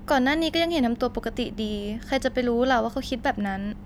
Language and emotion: Thai, neutral